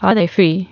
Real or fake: fake